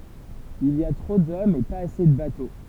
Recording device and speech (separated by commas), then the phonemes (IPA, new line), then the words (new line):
temple vibration pickup, read sentence
il i a tʁo dɔmz e paz ase də bato
Il y a trop d'hommes et pas assez de bateaux.